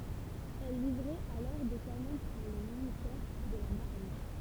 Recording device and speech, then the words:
temple vibration pickup, read sentence
Elle livrait alors des canons pour le ministère de la Marine.

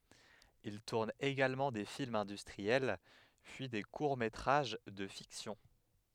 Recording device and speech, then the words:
headset microphone, read sentence
Il tourne également des films industriels, puis des courts métrages de fiction.

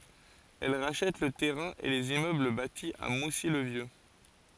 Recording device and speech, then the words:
forehead accelerometer, read sentence
Elle rachète le terrain et les immeubles bâtis à Moussy le Vieux.

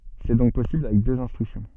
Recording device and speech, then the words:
soft in-ear microphone, read sentence
C'est donc possible avec deux instructions.

